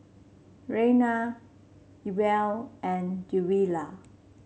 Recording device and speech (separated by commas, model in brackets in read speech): mobile phone (Samsung C7), read sentence